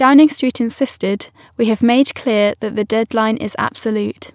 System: none